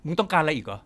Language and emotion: Thai, frustrated